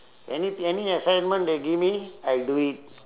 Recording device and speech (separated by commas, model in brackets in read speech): telephone, conversation in separate rooms